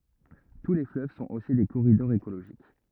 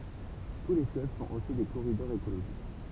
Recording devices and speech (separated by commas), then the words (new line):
rigid in-ear microphone, temple vibration pickup, read sentence
Tous les fleuves sont aussi des corridors écologiques.